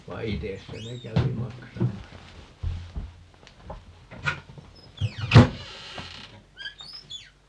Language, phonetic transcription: Finnish, 'vai̮ "ites se ne 'kävi "maksamasa .
- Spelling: vaan itse se ne kävi maksamassa

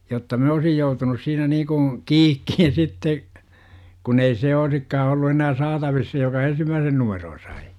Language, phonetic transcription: Finnish, jotta 'miN ‿oosij 'joutunus siinä nii kuṵ , "kiikkihin sitte , kun ‿ei se 'oisikkaa ollu enää "saatavis se joka "ensimmääsen 'numeroo 'sai .
- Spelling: jotta minä olisin joutunut siinä niin kuin kiikkiin sitten kun ei se olisikaan ollut enää saatavissa se joka ensimmäisen numeron sai

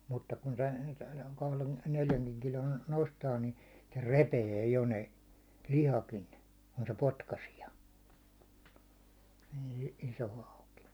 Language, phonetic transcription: Finnish, mutta kun tän , 'kahlen- 'neljäŋkiŋ kilon 'nostaa ni , se "repee jo ne , 'lihakin , ku se 'potkasia , ii- , 'iso hauki .
- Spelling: mutta kun tämän kahden- neljänkin kilon nostaa niin se repeää jo ne lihakin kun se potkaisee - iso hauki

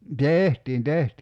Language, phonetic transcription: Finnish, "tèhtiin 'tehti .
- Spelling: tehtiin tehtiin

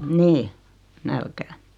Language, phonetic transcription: Finnish, nii , 'nälkää .
- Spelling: niin nälkään

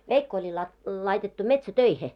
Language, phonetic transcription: Finnish, 'veikko oĺi lai- laitettu 'metsä"töihe .
- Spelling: veikko oli - laitettu metsätöihin

